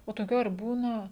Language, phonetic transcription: Lithuanian, o toˈkių ar ˈbūna

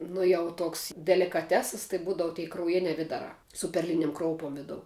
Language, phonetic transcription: Lithuanian, ˈnu jau ˈtoks delikaˈtesas tai ˈbūdavu tei krauˈjiniā ˈvidarā su perˈlinim ˈkroupom ˈvidou

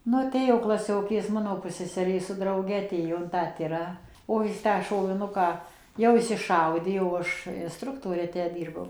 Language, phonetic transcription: Lithuanian, ˈnu aˈtėjo klaˈsiokės ˈmano ˈpusseserė su drauˈge aˈtėjo in tą ˈtirą o ˈjis tą šoviˈnuką jau išsiˈšaudė o ˈaš inˈstruktore ˈtę ˈdyrbau

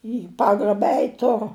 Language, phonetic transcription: Lithuanian, į ˈpagraba ˈeit' ˈturu

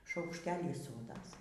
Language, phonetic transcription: Lithuanian, šaukšˈtelį ˈsodas

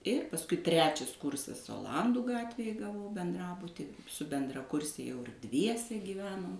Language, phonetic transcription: Lithuanian, ir pasˈkui ˈtrečias ˈkursas oˈlandų ˈgatvėj gaˈvau benˈdrabuti su bendraˈkurse jau ir ˈdviese gyˈvenom

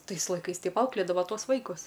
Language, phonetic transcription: Lithuanian, ˈtais laiˈkais ˈteip ˈauklėdava ˈtuos ˈvaikus

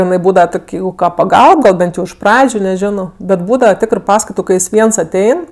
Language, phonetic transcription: Lithuanian, iˈnai ˈbūdava ˈtok' ˈjeigu ka paˈgalb ˈbent jau iš ˈpradžiu neˈžino bet ˈbūdava ˈtikrɜ ˈpaskaitu kai ˈjis ˈviens aˈtein

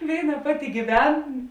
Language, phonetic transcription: Lithuanian, ˈvėiˌna ˈpaˌti gyˈven

